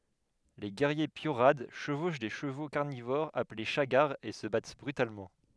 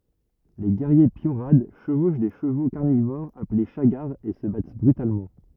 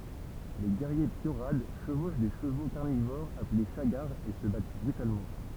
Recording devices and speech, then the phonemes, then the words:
headset microphone, rigid in-ear microphone, temple vibration pickup, read sentence
le ɡɛʁje pjoʁad ʃəvoʃ de ʃəvo kaʁnivoʁz aple ʃaɡaʁz e sə bat bʁytalmɑ̃
Les guerriers piorads chevauchent des chevaux carnivores appelés chagars et se battent brutalement.

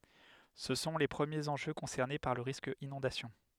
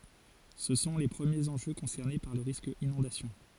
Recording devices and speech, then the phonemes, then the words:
headset microphone, forehead accelerometer, read sentence
sə sɔ̃ le pʁəmjez ɑ̃ʒø kɔ̃sɛʁne paʁ lə ʁisk inɔ̃dasjɔ̃
Ce sont les premiers enjeux concernés par le risque inondation.

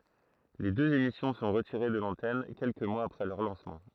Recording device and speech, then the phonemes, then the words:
throat microphone, read sentence
le døz emisjɔ̃ sɔ̃ ʁətiʁe də lɑ̃tɛn kɛlkə mwaz apʁɛ lœʁ lɑ̃smɑ̃
Les deux émissions sont retirées de l'antenne quelques mois après leur lancement.

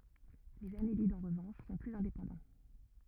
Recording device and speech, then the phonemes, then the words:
rigid in-ear microphone, read sentence
lez anelidz ɑ̃ ʁəvɑ̃ʃ sɔ̃ plyz ɛ̃depɑ̃dɑ̃
Les annélides en revanche, sont plus indépendants.

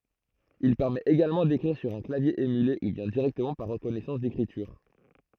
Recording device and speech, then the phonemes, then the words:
throat microphone, read sentence
il pɛʁmɛt eɡalmɑ̃ dekʁiʁ syʁ œ̃ klavje emyle u bjɛ̃ diʁɛktəmɑ̃ paʁ ʁəkɔnɛsɑ̃s dekʁityʁ
Il permet également d'écrire sur un clavier émulé ou bien directement par reconnaissance d'écriture.

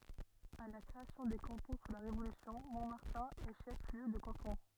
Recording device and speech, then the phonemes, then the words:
rigid in-ear microphone, read sentence
a la kʁeasjɔ̃ de kɑ̃tɔ̃ su la ʁevolysjɔ̃ mɔ̃maʁtɛ̃ ɛ ʃɛf ljø də kɑ̃tɔ̃
À la création des cantons sous la Révolution, Montmartin est chef-lieu de canton.

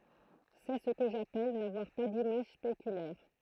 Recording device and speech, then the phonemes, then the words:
throat microphone, read sentence
sɛ sə kə ʒapɛl navwaʁ pa dimaʒ spekylɛʁ
C'est ce que j'appelle n'avoir pas d'image spéculaire.

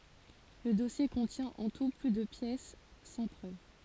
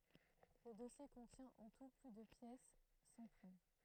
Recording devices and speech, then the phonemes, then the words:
forehead accelerometer, throat microphone, read sentence
lə dɔsje kɔ̃tjɛ̃ ɑ̃ tu ply də pjɛs sɑ̃ pʁøv
Le dossier contient en tout plus de pièces sans preuve.

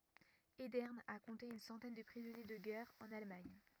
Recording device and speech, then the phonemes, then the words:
rigid in-ear microphone, read sentence
edɛʁn a kɔ̃te yn sɑ̃tɛn də pʁizɔnje də ɡɛʁ ɑ̃n almaɲ
Edern a compté une centaine de prisonniers de guerre en Allemagne.

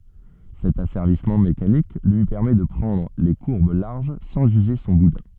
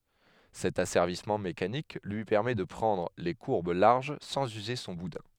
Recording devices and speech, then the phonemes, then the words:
soft in-ear microphone, headset microphone, read sentence
sɛt asɛʁvismɑ̃ mekanik lyi pɛʁmɛ də pʁɑ̃dʁ le kuʁb laʁʒ sɑ̃z yze sɔ̃ budɛ̃
Cet asservissement mécanique lui permet de prendre les courbes larges sans user son boudin.

